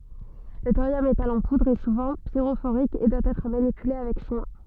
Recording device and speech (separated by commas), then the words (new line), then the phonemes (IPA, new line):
soft in-ear microphone, read sentence
Le thorium métal en poudre est souvent pyrophorique et doit être manipulé avec soin.
lə toʁjɔm metal ɑ̃ pudʁ ɛ suvɑ̃ piʁofoʁik e dwa ɛtʁ manipyle avɛk swɛ̃